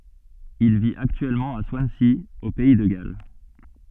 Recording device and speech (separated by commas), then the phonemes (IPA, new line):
soft in-ear microphone, read sentence
il vit aktyɛlmɑ̃ a swansi o pɛi də ɡal